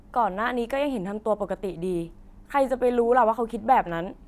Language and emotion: Thai, frustrated